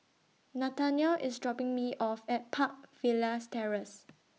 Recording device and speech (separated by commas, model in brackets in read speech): mobile phone (iPhone 6), read sentence